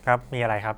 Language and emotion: Thai, neutral